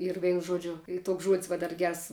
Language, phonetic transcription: Lithuanian, ir ˈveinu ˈžuodžiu ˈy ˈtuoks žuod's' ˈva dar ˈgers

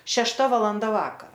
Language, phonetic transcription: Lithuanian, šešˈta valanˈda ˈvakara

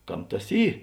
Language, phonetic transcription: Lithuanian, ˈkam ˈtas ˈy

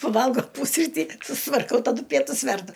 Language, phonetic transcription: Lithuanian, paˈvalgo ˈpusrytį sustvarˈkau taˈdu ˈpietus ˈverdu

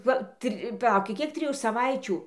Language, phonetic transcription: Lithuanian, ˈva ˈtri paˈlauki ˈkiek triˈjų saˈvaičių

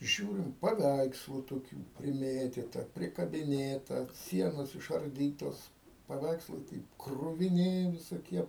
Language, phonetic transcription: Lithuanian, ˈžiūrim paˈveikslu toˈkių priˈmėtyta prikabiˈnėta ˈsienos išarˈdytos paˈveikslai ˈtaip kruviˈni visoˈkie

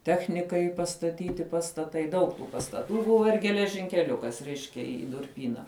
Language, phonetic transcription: Lithuanian, ˈtechnikai pastaˈtyti pastaˈtai ˈdaug tų pastaˈtų ˈbuva ir geležinkeˈliukas ˈreiškia i i durˈpyna

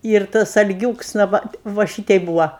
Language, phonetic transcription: Lithuanian, ir ˈtas alˈgiūks na ˈva va ˈšitei ˈbūva

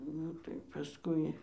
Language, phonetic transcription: Lithuanian, ˈnu tai paˈskui

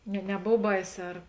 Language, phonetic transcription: Lithuanian, ne neˈbov ˈbaiˌsē ar

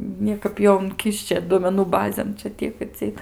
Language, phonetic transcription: Lithuanian, ˈniekap ˈjo unˈkišče duomeˈnų ˈbazėn ˈčia ˈtiek atsiˈeit

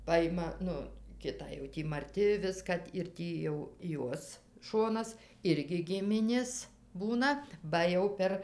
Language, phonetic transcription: Lithuanian, ˈpajima ˈnu ˈkitą jau ˈtį maˈrti ˈviska ir ˈtį jau ˈjuos ˈšonas ˈirgi ˈgiminės ˈbūna ˈba jau ˈper

